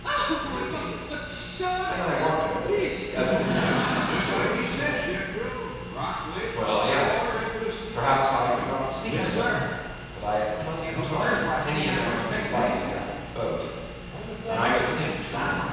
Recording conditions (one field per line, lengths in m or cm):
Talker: one person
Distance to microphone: 7.1 m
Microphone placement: far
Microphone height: 1.7 m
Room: very reverberant, large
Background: television